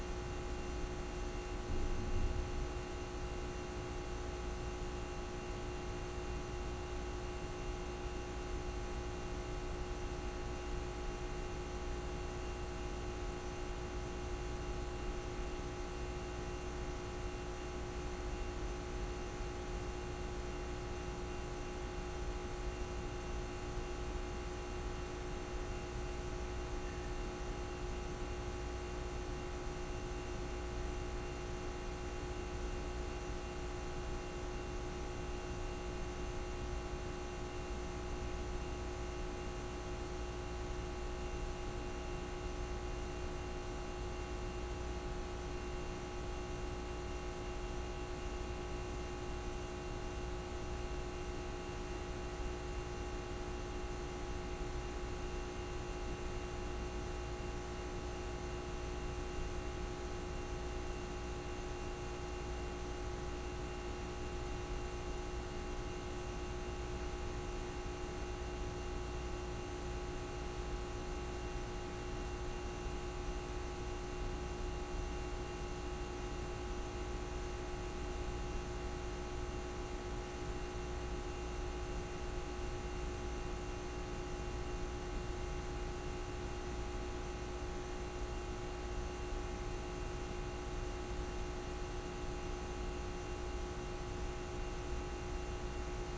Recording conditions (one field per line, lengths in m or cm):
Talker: no one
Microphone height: 1.7 m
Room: very reverberant, large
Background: none